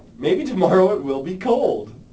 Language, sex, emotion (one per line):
English
male
happy